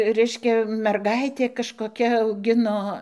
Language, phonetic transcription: Lithuanian, ˈreiškia merˈgaitė kažkoˈkia auˈgino

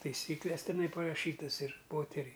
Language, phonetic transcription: Lithuanian, taiˈsykles teˈnai paraˈšytas ir ˈpoteriai

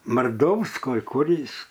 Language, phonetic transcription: Lithuanian, marˈdouskoj ˈkur ˈjis

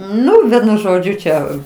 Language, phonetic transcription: Lithuanian, ˈnu ˈvienu ˈžodžiu ˈčia

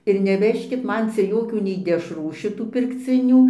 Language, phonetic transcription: Lithuanian, ir neˈvežkit ˈman ˈcia ˈjokių nei dešˈrų šiˈtų pirkˈcinių

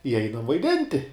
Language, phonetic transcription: Lithuanian, i ˈeinam vaiˈdinti

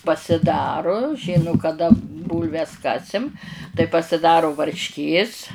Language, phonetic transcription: Lithuanian, pasiˈdaru ˈžinu kaˈda ˈbūlves ˈkasim tai pasiˈdaru varšˈkės

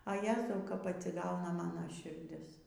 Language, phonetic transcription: Lithuanian, a ˈjezau kap atsiˈgauna ˈmano širˈdis

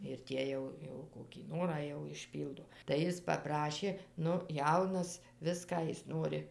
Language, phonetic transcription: Lithuanian, ir ˈtie jau ˈjau kokį ˈnorą jau išˈpyldo tai ˈjis paˈprašė ˈnu ˈjaunas ˈviską ˈjis ˈnori

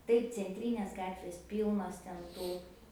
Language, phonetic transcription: Lithuanian, ˈtaip cenˈtrynės ˈgatvės ˈpylnos ten ˈtų

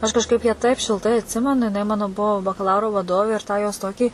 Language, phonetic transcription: Lithuanian, aš kažˈkaip ją taip šilˈtai atˈsimenu jiˈnai ˈmano ˈbuvo bakaˈlauro vaˈdovė ir ˈtą jos ˈtokį

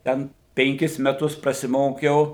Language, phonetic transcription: Lithuanian, ˈten penˈkis meˈtus prasiˈmokiau

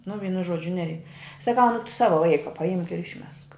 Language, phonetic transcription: Lithuanian, nu ˈvynu ˈžuodžiu ˈnerei saˈkau nu tu ˈsavo ˈvaika paˈimk ir išˈmesk

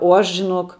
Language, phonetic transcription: Lithuanian, o ˈaš žiˈnok

